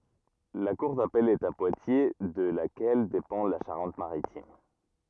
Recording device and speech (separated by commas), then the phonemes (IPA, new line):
rigid in-ear microphone, read sentence
la kuʁ dapɛl ɛt a pwatje də lakɛl depɑ̃ la ʃaʁɑ̃t maʁitim